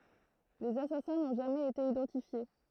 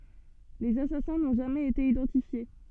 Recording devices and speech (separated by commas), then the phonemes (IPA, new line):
throat microphone, soft in-ear microphone, read sentence
lez asasɛ̃ nɔ̃ ʒamɛz ete idɑ̃tifje